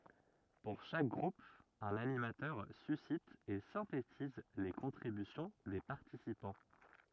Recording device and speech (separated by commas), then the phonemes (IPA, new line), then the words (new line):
rigid in-ear microphone, read sentence
puʁ ʃak ɡʁup œ̃n animatœʁ sysit e sɛ̃tetiz le kɔ̃tʁibysjɔ̃ de paʁtisipɑ̃
Pour chaque groupe un animateur suscite et synthétise les contributions des participants.